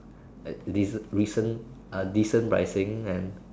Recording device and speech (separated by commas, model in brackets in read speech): standing microphone, conversation in separate rooms